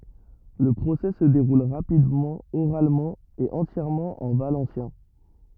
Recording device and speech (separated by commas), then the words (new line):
rigid in-ear microphone, read sentence
Le procès se déroule rapidement, oralement et entièrement en valencien.